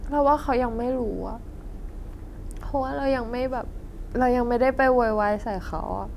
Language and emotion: Thai, sad